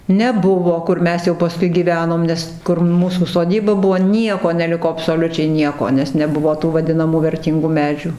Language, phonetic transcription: Lithuanian, neˈbuvo kur ˈmes jau paˈskui gyˈvenom ˈnes kur ˈmūsų soˈdyba ˈbuvo ˈnieko neˈliko absoˈliučiai ˈnieko nes neˈbuvo tų vaˈdinamų verˈtyngų ˈmedžiu

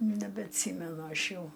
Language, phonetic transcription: Lithuanian, nebeatˈsymenu ˈaš ˈjau

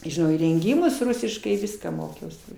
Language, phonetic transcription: Lithuanian, žiˈnau įrenˈgymus ˈrusiškai ˈviską ˈmokiausi

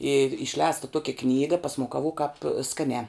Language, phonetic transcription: Lithuanian, yr išˈlēsta ˈtuokia ˈknyga pasmukaˈvuk kāp ˈskaniā

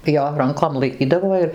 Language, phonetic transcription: Lithuanian, ˈjo ˈrankom laiˈkydavo ir

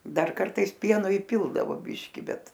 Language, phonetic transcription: Lithuanian, ˈdar ˈkartais ˈpieno iˈpildavo ˈbiški ˈbet

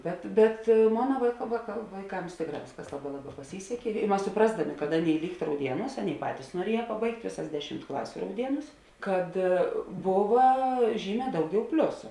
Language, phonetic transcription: Lithuanian, ˈbet bet ˈmona vai vaka vaiˈkams ˈtėkˌrā ˈvėsˌkas ˈlaˌbā ˈlaˌbā paˈsysekė i ˈmas suˈprasdaˌmė kad ˈaˌnėi ˈlykt rauˈdieˌnūs ˈaˌnėi ˈpatys nuoˈrieja paˈbaigt' ˈvėˌsas ˈdeˌšimt ˈklasiu rauˈdieˌnūs ˈkad ˈbova ˈžyˌmē ˈdauˌgiau ˈpliusu

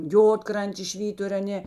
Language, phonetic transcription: Lithuanian, ˈjodkrantės ˈšvytur' aˈnė

